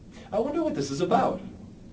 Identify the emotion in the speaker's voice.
fearful